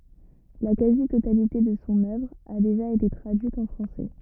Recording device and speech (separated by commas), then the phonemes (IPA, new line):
rigid in-ear microphone, read sentence
la kazi totalite də sɔ̃ œvʁ a deʒa ete tʁadyit ɑ̃ fʁɑ̃sɛ